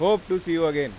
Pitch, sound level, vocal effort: 165 Hz, 98 dB SPL, loud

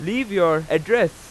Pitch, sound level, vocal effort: 180 Hz, 97 dB SPL, very loud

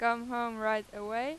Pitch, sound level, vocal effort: 235 Hz, 95 dB SPL, loud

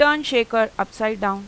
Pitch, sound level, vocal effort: 225 Hz, 93 dB SPL, loud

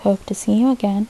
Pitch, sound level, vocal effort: 210 Hz, 74 dB SPL, soft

